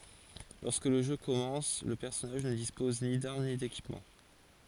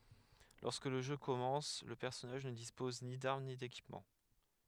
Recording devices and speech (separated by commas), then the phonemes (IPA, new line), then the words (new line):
forehead accelerometer, headset microphone, read sentence
lɔʁskə lə ʒø kɔmɑ̃s lə pɛʁsɔnaʒ nə dispɔz ni daʁm ni dekipmɑ̃
Lorsque le jeu commence, le personnage ne dispose ni d’armes, ni d’équipement.